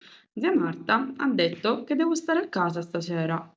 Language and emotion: Italian, neutral